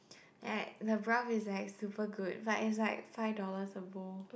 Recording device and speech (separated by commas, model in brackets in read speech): boundary microphone, conversation in the same room